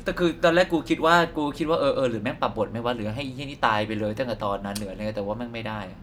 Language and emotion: Thai, neutral